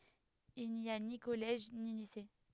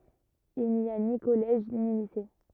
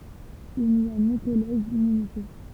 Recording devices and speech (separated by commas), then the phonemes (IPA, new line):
headset microphone, rigid in-ear microphone, temple vibration pickup, read sentence
il ni a ni kɔlɛʒ ni lise